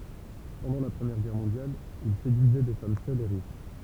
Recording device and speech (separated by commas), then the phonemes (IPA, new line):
temple vibration pickup, read sentence
pɑ̃dɑ̃ la pʁəmjɛʁ ɡɛʁ mɔ̃djal il sedyizɛ de fam sœlz e ʁiʃ